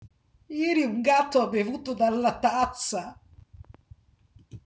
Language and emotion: Italian, surprised